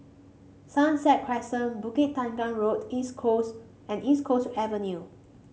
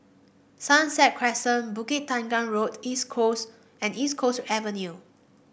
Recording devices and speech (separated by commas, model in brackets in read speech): mobile phone (Samsung C5), boundary microphone (BM630), read sentence